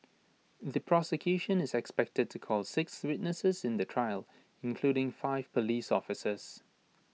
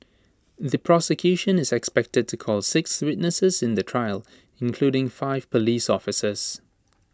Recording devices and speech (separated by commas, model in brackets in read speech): mobile phone (iPhone 6), standing microphone (AKG C214), read sentence